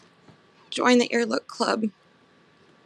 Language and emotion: English, sad